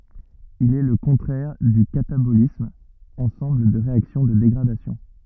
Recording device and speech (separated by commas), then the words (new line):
rigid in-ear microphone, read sentence
Il est le contraire du catabolisme, ensemble des réactions de dégradation.